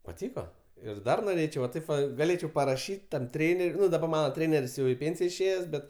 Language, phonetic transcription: Lithuanian, paˈtyko ir ˈdar noˈrėčiau va ˈtaip va gaˈlėčiau paraˈšyt' tam ˈtrėner' ˈnu daˈbar ˈmana ˈtrėner's' jau i ˈpėnsija išˈėjes ˈbet

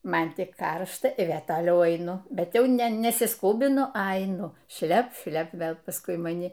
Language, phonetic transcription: Lithuanian, ˈman tik ˈkaršta i ˈvė toˈliau aiˈnu bet ˈjau ne nesisˈkūbinu a aiˈnu ˈšlep ˈšlep ˈvėl pasˈkui maˈni

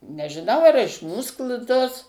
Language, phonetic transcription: Lithuanian, nežiˈnau ar iš ˈmūs kl ˈtos

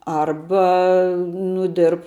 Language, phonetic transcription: Lithuanian, ˈarba nu ˈdirb

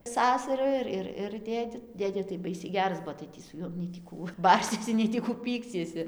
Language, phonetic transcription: Lithuanian, ˈsasaru ir ˈir ir ˈdėdi ˈdėdė tai ˈbaisiai ˈgeras ˈbuo tai ˈtį su ˈjuom nei tį ˈkų ˈbarsiesi ˌnei tį ˈkų ˈpyksiesi

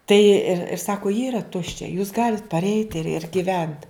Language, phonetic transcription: Lithuanian, tai ir ir ˈsako ji yra ˈtuščia jūs ˈgalit parˈeit ir ir giˈvent

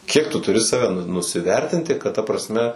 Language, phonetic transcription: Lithuanian, ˈkiek tu tuˈri ˈsave nusiˈvertinti kad ta prasˈme

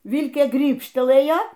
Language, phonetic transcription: Lithuanian, ˈvilkė ˈgrybštelɘja

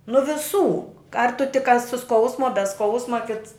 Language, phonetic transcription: Lithuanian, nu viˈsų ar tu tik a su ˈskausmu a be ˈskausma kits

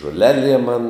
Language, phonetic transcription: Lithuanian, žoˈleˌliem man

